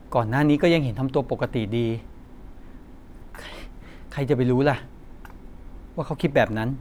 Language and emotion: Thai, frustrated